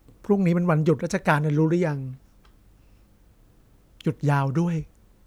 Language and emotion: Thai, sad